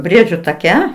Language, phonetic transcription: Lithuanian, ˈbriedžiu taˈke

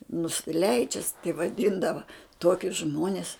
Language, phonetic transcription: Lithuanian, nusiˈleidžias tai vaˈdyndava ˈtuokius ˈžmuones

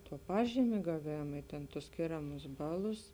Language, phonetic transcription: Lithuanian, tuo ˈpažymė gaˈvėma i tėn tus ˈskėramus ˈbaˌlus

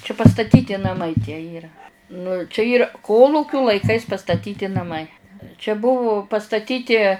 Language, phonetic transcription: Lithuanian, čia pastaˈtyti naˈmai tie ˈyra nu čia ˈyra ˈkolūkiu laiˈkais pastaˈtyti naˈmai čia ˈbuvu pastaˈtyti

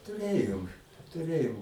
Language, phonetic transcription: Lithuanian, tuˈrėjom tuˈrėjom

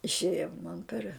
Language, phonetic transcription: Lithuanian, išˈėjo man per

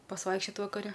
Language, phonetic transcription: Lithuanian, pasˈvaikščiot vakaˈre

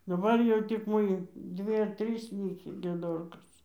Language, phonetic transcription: Lithuanian, daˈbar jau tik ˈmoji ˈdvi ar ˈtrys ˈlykį gieˈdorkos

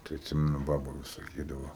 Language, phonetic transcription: Lithuanian, tai atˈsimenu ˈbaba ˈvis saˈkydava

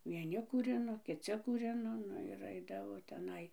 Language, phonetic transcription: Lithuanian, vieˈni kūˈrino kiˈci kūˈrino ˈnu ir ˈaidavo teˈnai

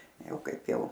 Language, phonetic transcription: Lithuanian, ˈjau ˈkaip ˈjau

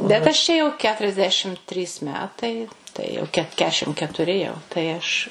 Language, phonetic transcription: Lithuanian, bet aš ˈčia jau keturiasˈdešim ˈtrys ˈmetai ˈtai jau ˈket ˈkešim ketuˈri jau tai ˈaš

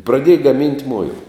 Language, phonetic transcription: Lithuanian, praˈdieja gaˈmint' ˈmuila

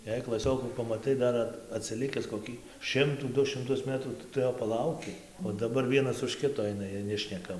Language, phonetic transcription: Lithuanian, jei klaˈsiokų pamaˈtai ˈdar at atsiˈlikis koˈkį ˈšimtų ˈdu šimˈtus ˈmetrų tai ˈtu ˈjo paˈlauki o daˈbar ˈvienas už ˈkito ˈaina ˈjiej ˈnešneka

